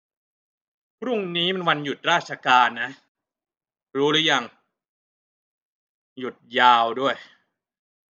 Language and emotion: Thai, frustrated